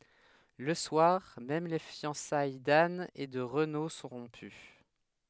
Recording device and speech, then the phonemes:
headset microphone, read sentence
lə swaʁ mɛm le fjɑ̃saj dan e də ʁəno sɔ̃ ʁɔ̃py

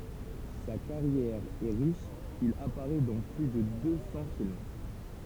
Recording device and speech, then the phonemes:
temple vibration pickup, read sentence
sa kaʁjɛʁ ɛ ʁiʃ il apaʁɛ dɑ̃ ply də dø sɑ̃ film

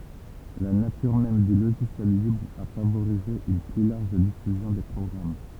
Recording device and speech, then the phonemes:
temple vibration pickup, read sentence
la natyʁ mɛm dy loʒisjɛl libʁ a favoʁize yn ply laʁʒ difyzjɔ̃ de pʁɔɡʁam

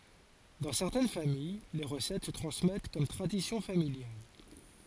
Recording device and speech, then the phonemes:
forehead accelerometer, read sentence
dɑ̃ sɛʁtɛn famij le ʁəsɛt sə tʁɑ̃smɛt kɔm tʁadisjɔ̃ familjal

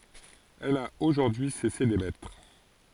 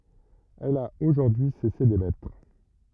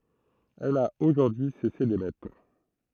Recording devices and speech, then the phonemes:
forehead accelerometer, rigid in-ear microphone, throat microphone, read sentence
ɛl a oʒuʁdyi y sɛse demɛtʁ

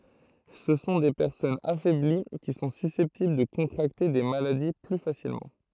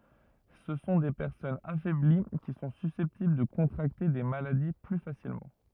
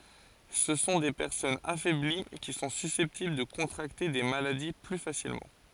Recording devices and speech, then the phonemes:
throat microphone, rigid in-ear microphone, forehead accelerometer, read sentence
sə sɔ̃ de pɛʁsɔnz afɛbli ki sɔ̃ sysɛptibl də kɔ̃tʁakte de maladi ply fasilmɑ̃

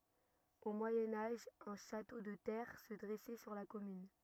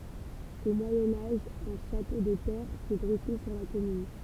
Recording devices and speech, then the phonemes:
rigid in-ear microphone, temple vibration pickup, read sentence
o mwajɛ̃ aʒ œ̃ ʃato də tɛʁ sə dʁɛsɛ syʁ la kɔmyn

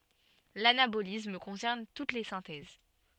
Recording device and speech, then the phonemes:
soft in-ear microphone, read sentence
lanabolism kɔ̃sɛʁn tut le sɛ̃tɛz

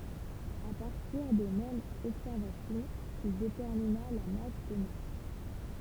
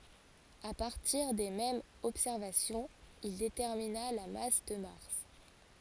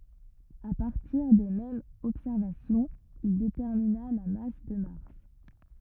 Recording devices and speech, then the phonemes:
temple vibration pickup, forehead accelerometer, rigid in-ear microphone, read sentence
a paʁtiʁ de mɛmz ɔbsɛʁvasjɔ̃z il detɛʁmina la mas də maʁs

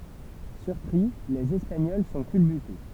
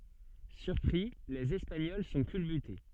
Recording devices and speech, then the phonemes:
temple vibration pickup, soft in-ear microphone, read sentence
syʁpʁi lez ɛspaɲɔl sɔ̃ kylbyte

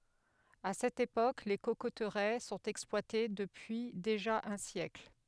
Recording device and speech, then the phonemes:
headset microphone, read sentence
a sɛt epok le kokotʁɛ sɔ̃t ɛksplwate dəpyi deʒa œ̃ sjɛkl

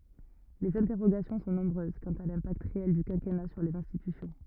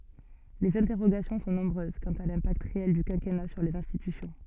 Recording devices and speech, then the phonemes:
rigid in-ear microphone, soft in-ear microphone, read sentence
lez ɛ̃tɛʁoɡasjɔ̃ sɔ̃ nɔ̃bʁøz kɑ̃t a lɛ̃pakt ʁeɛl dy kɛ̃kɛna syʁ lez ɛ̃stitysjɔ̃

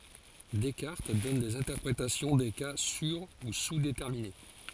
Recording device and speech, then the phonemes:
forehead accelerometer, read sentence
dɛskaʁt dɔn dez ɛ̃tɛʁpʁetasjɔ̃ de ka syʁ u suzdetɛʁmine

